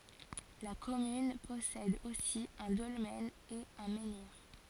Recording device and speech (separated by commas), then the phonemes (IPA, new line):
forehead accelerometer, read sentence
la kɔmyn pɔsɛd osi œ̃ dɔlmɛn e œ̃ mɑ̃niʁ